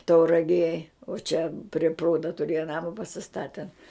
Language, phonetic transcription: Lithuanian, tauraˈgėj o čia pri ˈprūda tuˈrėja ˈnama pasiˈstaten

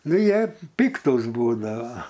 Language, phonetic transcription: Lithuanian, ˈnu ˈjie ˈpiktūs ˈbūdavo

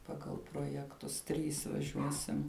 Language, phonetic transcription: Lithuanian, ˈpagal projekˈtus ˈtrys vaˈžiuosim

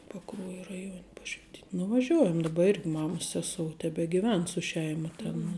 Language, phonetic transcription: Lithuanian, paˈkruoja raˈjuon' ˈpašvitin' nuvaˈžiuojam daˈba ˈirgi ˈmamas ˈsesou tebegiˈven su ˈšeima ˈtėn nu

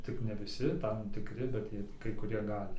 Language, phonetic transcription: Lithuanian, ˈtik ne viˈsi ˈtam tikˈri bet ˈkai kuˈrie ˈgali

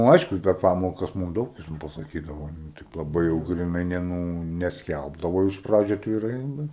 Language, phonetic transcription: Lithuanian, nu ˈaišku i per ˈpamokas ˈmūm ˈdaug jis ˈten pasaˈkydavo nu ˈtaip laˈbai jau griˈnai ne ˈnū nesˈkælbdavo iš ˈpradžiu atviˈrai ˈbet

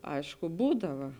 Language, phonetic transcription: Lithuanian, ˈaišku ˈbūdava

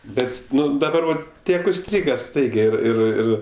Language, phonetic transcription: Lithuanian, ˈbet ˈnu daˈbar vat ˈtiek užˈstryga ˈstaigiai ˈir ˈir ˈir

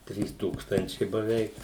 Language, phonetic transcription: Lithuanian, ˈtrys ˈtūkstančiai baˈveik

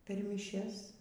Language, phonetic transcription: Lithuanian, per myˈšias

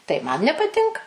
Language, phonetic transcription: Lithuanian, tai man nepaˈtinka

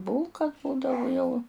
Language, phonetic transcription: Lithuanian, ˈbūlka ˈbūdavu jau

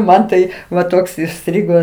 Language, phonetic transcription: Lithuanian, ˈman tai va ˈtoks iˈstrigo

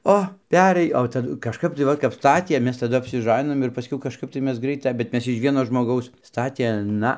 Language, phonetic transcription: Lithuanian, ˈo ˈperɘj o taˈdu kažˈkap tai ˈvat kap ˈstatie ˈmes taˈdu apsiˈžaninom ir paˈskiau kažˈkap tai ˈmes ˈgraita bet ˈmes iž ˈvieno žmoˈgaus ˈstatė ˈna

